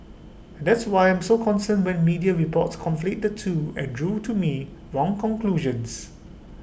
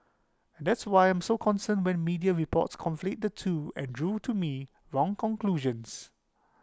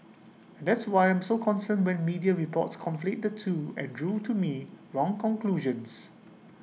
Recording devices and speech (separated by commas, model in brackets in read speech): boundary microphone (BM630), close-talking microphone (WH20), mobile phone (iPhone 6), read sentence